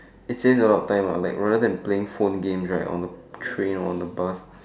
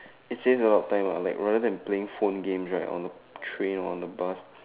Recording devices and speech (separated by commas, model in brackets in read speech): standing microphone, telephone, conversation in separate rooms